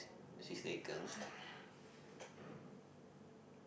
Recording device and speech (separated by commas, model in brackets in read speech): boundary microphone, conversation in the same room